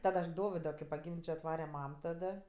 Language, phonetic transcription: Lithuanian, ˈtad aš ˈdovido kai paˈgimdžio atˈvare ˈmam taˈda

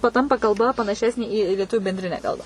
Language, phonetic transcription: Lithuanian, paˈtampa kalˈba panaˈšesnė į lieˈtuvių benˈdrinę ˈkalbą

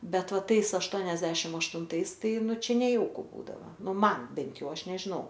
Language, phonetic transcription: Lithuanian, ˈbet ˈva ˈtais ašˈtuoniasdešim aštunˈtais ˈtai ˈnu ˈčia neˈjauku ˈbūdava ˈnu ˈman ˈbent ˈjau ˈaš nežiˈnau

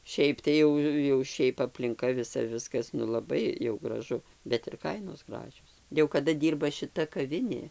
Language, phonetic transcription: Lithuanian, ˈšiaip tai ˈjau jau ˈšiaip aplinˈka viˈsa ˈviskas nu laˈbai jau graˈžu bet ir ˈkainos ˈgražios jau kaˈda ˈdyrba šiˈta kaˈvinė

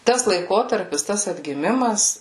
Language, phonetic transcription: Lithuanian, ˈtas laiˈkotarpis ˈtas atgiˈmimas

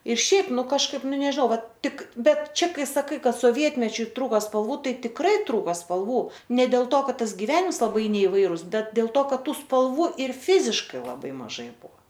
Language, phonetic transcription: Lithuanian, ir ˈšiaip ˈnu kažˈkaip ˈnu nežiˈnau ˈvat ˈtik ˈbet ˈčia ˈkai saˈkai ˈkad soˈvietmečiu ˈtrūka spalˈvų ˈtai tikˈrai ˈtrūko spalˈvų ne dėl ˈto ˈkad ˈtas giˈvenims laˈbai neiˈvairus ˈbet dėl ˈto ˈkad ˈtų spalˈvų ir ˈfiziškai laˈbai maˈžai ˈbuo

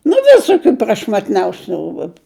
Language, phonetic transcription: Lithuanian, nu ˈvisokiu prašmatˈniausiu ˈrūbu

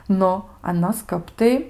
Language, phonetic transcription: Lithuanian, ˈnu aˈnos ˈkap tai

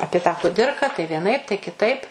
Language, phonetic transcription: Lithuanian, ˈapie tą ˈkudirka tai vieˈnaip tai kiˈtaip

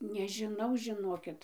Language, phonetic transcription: Lithuanian, nežiˈnau žiˈnokit

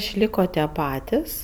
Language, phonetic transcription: Lithuanian, išˈliko tie ˈpatis

